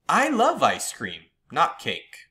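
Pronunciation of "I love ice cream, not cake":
The pitch goes up on 'I love ice cream' and then down on 'not cake'.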